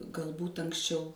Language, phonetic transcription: Lithuanian, galˈbūt anksˈčiau

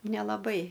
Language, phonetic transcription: Lithuanian, nelaˈbai

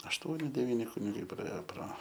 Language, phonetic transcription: Lithuanian, ašˈtuoni deˈvyni kuniˈgai praˈėjo pro

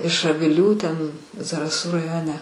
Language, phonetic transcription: Lithuanian, iš aviˈlių ˈten zaraˈsų raˈjone

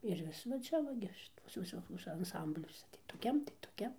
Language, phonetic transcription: Lithuanian, ir ˈvis va ˈčia va ˈgi ˈšituose viˈsokiuose anˈsambliuose tai toˈkiam tai toˈkiam

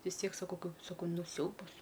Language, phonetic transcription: Lithuanian, vis ˈtiek saˈkau saˈkau ˈnu ˈsiaubas

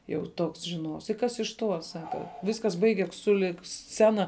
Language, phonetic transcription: Lithuanian, jau ˈtoks žiˈnuovs i ˈkas iš ˈtuo ˈsaka ˈviskas ˈbaiges suˈlig ˈscena

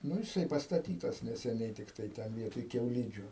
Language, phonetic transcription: Lithuanian, ˈnu jiˈsai pastaˈtytas neseˈniai ˈtiktai ˈten ˈvietoj kiauˈlydžiu

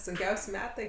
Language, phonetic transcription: Lithuanian, sunˈkiaus' ˈmetai

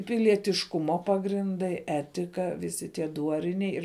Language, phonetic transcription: Lithuanian, pilietišˈkumo pagrinˈdai ˈetika viˈsi tie ˈduoriniai ir

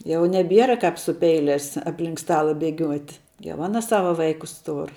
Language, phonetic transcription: Lithuanian, jau neˈbiera ˈkāp su ˈpeilias apˈlink ˈstala beˈgiuot' jau ˈana ˈsava ˈvaikus ˈtur

